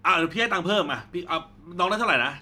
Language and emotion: Thai, frustrated